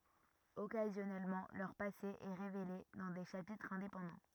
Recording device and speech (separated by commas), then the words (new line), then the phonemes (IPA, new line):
rigid in-ear microphone, read sentence
Occasionnellement, leur passé est révélé dans des chapitres indépendants.
ɔkazjɔnɛlmɑ̃ lœʁ pase ɛ ʁevele dɑ̃ de ʃapitʁz ɛ̃depɑ̃dɑ̃